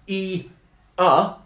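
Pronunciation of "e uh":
The e and uh are said as two separate vowels, not joined into the one vowel sound of 'ear'.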